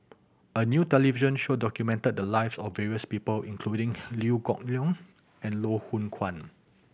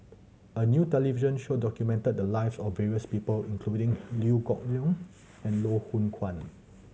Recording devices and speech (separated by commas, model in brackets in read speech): boundary microphone (BM630), mobile phone (Samsung C7100), read sentence